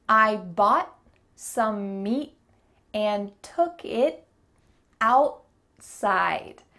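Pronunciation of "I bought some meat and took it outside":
Almost every word here that ends in t is said with a stop T, and 'outside' also has a stop T in the middle.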